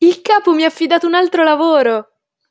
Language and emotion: Italian, happy